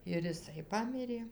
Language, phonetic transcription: Lithuanian, ir iˈsai ˈpamirė

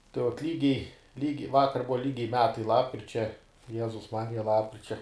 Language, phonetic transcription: Lithuanian, tai vuot ˈlygiai ˈlygiai ˈvakar ˈbuva ˈlygiai ˈmetai lapkričia ˈjezus ˈmarija ˈlapkričia

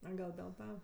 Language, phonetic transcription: Lithuanian, a ˈgal dėl ˈta

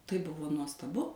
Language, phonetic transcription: Lithuanian, tai ˈbuvo nuostaˈbu

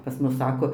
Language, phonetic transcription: Lithuanian, pas ˈmus ˈsako

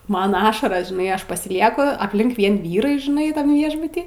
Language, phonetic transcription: Lithuanian, ˈman ˈašaras žiˈnai ˈaš pasiˈlieku apˈlink ˈvien vyˈrai žiˈnai tam ˈviešbuty

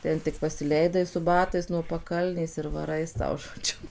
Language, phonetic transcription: Lithuanian, ˈten tik pasiˈleidai su ˈbatais nuo paˈkalnės ir vaˈrai ˈsau žoˈdžiu

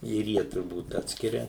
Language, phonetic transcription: Lithuanian, ir ˈjie turˈbūt ˈatskiria

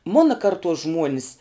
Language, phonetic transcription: Lithuanian, ˈmuna karˈtuos ˈžmuonis

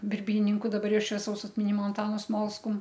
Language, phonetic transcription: Lithuanian, birˈbyninku daˈbar ˈjau švieˈsaus atmiˈnimo anˈtanu ˈsmolskum

